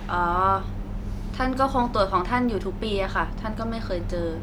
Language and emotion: Thai, neutral